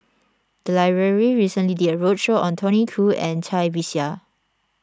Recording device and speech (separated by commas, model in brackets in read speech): standing microphone (AKG C214), read sentence